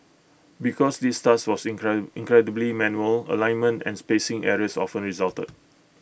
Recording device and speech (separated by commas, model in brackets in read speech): boundary microphone (BM630), read sentence